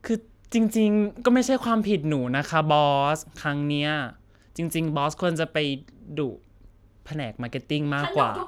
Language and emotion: Thai, sad